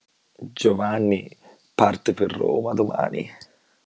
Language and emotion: Italian, disgusted